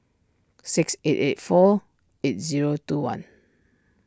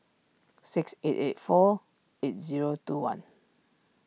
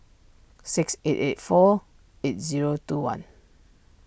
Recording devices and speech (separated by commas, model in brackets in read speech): standing microphone (AKG C214), mobile phone (iPhone 6), boundary microphone (BM630), read sentence